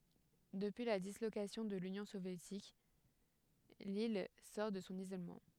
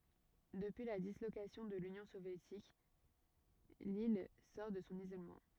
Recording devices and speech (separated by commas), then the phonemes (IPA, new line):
headset microphone, rigid in-ear microphone, read sentence
dəpyi la dislokasjɔ̃ də lynjɔ̃ sovjetik lil sɔʁ də sɔ̃ izolmɑ̃